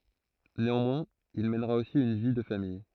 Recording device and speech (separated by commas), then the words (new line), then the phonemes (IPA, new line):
throat microphone, read sentence
Néanmoins, il mènera aussi une vie de famille.
neɑ̃mwɛ̃z il mɛnʁa osi yn vi də famij